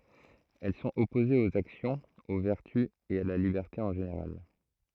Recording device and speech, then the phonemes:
throat microphone, read sentence
ɛl sɔ̃t ɔpozez oz aksjɔ̃z o vɛʁty e a la libɛʁte ɑ̃ ʒeneʁal

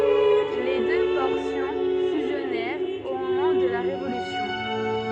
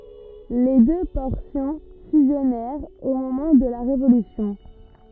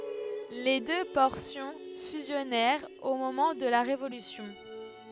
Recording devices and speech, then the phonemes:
soft in-ear microphone, rigid in-ear microphone, headset microphone, read sentence
le dø pɔʁsjɔ̃ fyzjɔnɛʁt o momɑ̃ də la ʁevolysjɔ̃

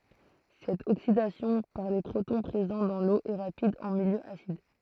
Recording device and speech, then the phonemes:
throat microphone, read sentence
sɛt oksidasjɔ̃ paʁ le pʁotɔ̃ pʁezɑ̃ dɑ̃ lo ɛ ʁapid ɑ̃ miljø asid

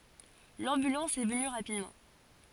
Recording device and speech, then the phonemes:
forehead accelerometer, read sentence
lɑ̃bylɑ̃s ɛ vəny ʁapidmɑ̃

